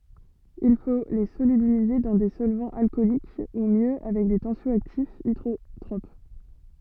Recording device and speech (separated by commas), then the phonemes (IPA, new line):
soft in-ear microphone, read sentence
il fo le solybilize dɑ̃ de sɔlvɑ̃z alkɔlik u mjø avɛk de tɑ̃sjɔaktifz idʁotʁop